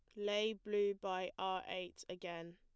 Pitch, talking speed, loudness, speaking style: 190 Hz, 155 wpm, -41 LUFS, plain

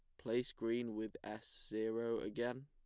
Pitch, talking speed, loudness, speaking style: 115 Hz, 145 wpm, -42 LUFS, plain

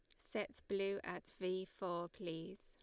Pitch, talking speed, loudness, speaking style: 185 Hz, 150 wpm, -44 LUFS, Lombard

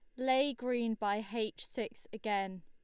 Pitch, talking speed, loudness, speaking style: 220 Hz, 150 wpm, -36 LUFS, Lombard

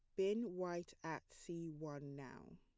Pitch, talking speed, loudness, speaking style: 165 Hz, 150 wpm, -46 LUFS, plain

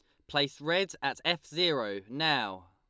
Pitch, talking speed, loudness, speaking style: 150 Hz, 150 wpm, -30 LUFS, Lombard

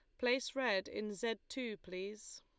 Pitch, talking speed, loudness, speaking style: 215 Hz, 165 wpm, -39 LUFS, Lombard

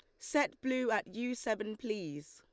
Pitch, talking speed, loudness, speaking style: 230 Hz, 170 wpm, -36 LUFS, Lombard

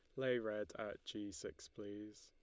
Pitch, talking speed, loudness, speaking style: 105 Hz, 175 wpm, -45 LUFS, Lombard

